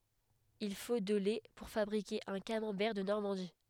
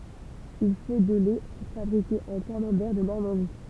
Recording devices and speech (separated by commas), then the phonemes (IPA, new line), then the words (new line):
headset microphone, temple vibration pickup, read sentence
il fo də lɛ puʁ fabʁike œ̃ kamɑ̃bɛʁ də nɔʁmɑ̃di
Il faut de lait pour fabriquer un camembert de Normandie.